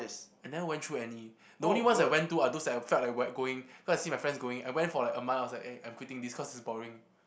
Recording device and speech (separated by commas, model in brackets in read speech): boundary microphone, conversation in the same room